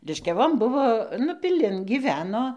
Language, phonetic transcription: Lithuanian, liškiaˈvon ˈbuvo nu piˈlin gyˈveno

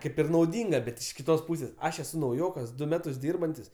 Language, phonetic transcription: Lithuanian, ˈkaip ir nauˈdynga bet iš kiˈtos ˈpūsės ˈaš eˈsu nauˈjokas ˈdu ˈmetus ˈdyrbantis

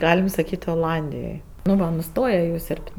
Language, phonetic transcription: Lithuanian, ˈgalim saˈkyt' oˈlandijoj nu ˈva nuˈstoje jau ˈsiorb't'

